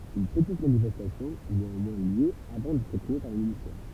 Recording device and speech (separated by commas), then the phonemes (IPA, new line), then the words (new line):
temple vibration pickup, read sentence
yn pətit manifɛstasjɔ̃ y neɑ̃mwɛ̃ ljø avɑ̃ dɛtʁ ʁepʁime paʁ le milisjɛ̃
Une petite manifestation eut néanmoins lieu avant d'être réprimée par les miliciens.